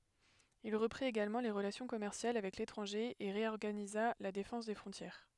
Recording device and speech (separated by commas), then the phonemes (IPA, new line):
headset microphone, read sentence
il ʁəpʁit eɡalmɑ̃ le ʁəlasjɔ̃ kɔmɛʁsjal avɛk letʁɑ̃ʒe e ʁeɔʁɡaniza la defɑ̃s de fʁɔ̃tjɛʁ